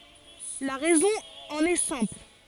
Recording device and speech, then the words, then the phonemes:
forehead accelerometer, read sentence
La raison en est simple.
la ʁɛzɔ̃ ɑ̃n ɛ sɛ̃pl

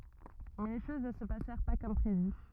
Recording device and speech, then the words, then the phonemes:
rigid in-ear microphone, read sentence
Mais les choses ne se passèrent pas comme prévu.
mɛ le ʃoz nə sə pasɛʁ pa kɔm pʁevy

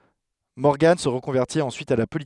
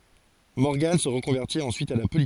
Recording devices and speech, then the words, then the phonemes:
headset microphone, forehead accelerometer, read sentence
Morgan se reconvertit ensuite à la politique.
mɔʁɡɑ̃ sə ʁəkɔ̃vɛʁtit ɑ̃syit a la politik

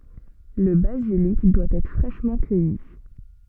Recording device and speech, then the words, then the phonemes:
soft in-ear microphone, read sentence
Le basilic doit être fraîchement cueilli.
lə bazilik dwa ɛtʁ fʁɛʃmɑ̃ kœji

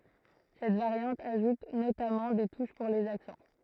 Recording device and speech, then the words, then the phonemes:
throat microphone, read sentence
Cette variante ajoute notamment des touches pour les accents.
sɛt vaʁjɑ̃t aʒut notamɑ̃ de tuʃ puʁ lez aksɑ̃

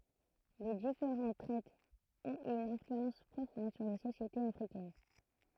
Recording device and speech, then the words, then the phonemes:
throat microphone, read sentence
Les différentes traites ont eu une influence profonde sur les sociétés africaines.
le difeʁɑ̃t tʁɛtz ɔ̃t y yn ɛ̃flyɑ̃s pʁofɔ̃d syʁ le sosjetez afʁikɛn

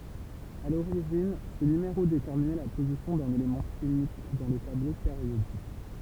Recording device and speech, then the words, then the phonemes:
temple vibration pickup, read sentence
À l'origine, ce numéro déterminait la position d'un élément chimique dans le tableau périodique.
a loʁiʒin sə nymeʁo detɛʁminɛ la pozisjɔ̃ dœ̃n elemɑ̃ ʃimik dɑ̃ lə tablo peʁjodik

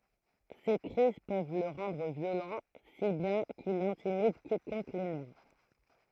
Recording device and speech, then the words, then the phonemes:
throat microphone, read sentence
Ses crises peuvent le rendre violent, si bien qu'il intimide quiconque l'énerve.
se kʁiz pøv lə ʁɑ̃dʁ vjolɑ̃ si bjɛ̃ kil ɛ̃timid kikɔ̃k lenɛʁv

